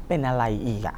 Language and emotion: Thai, frustrated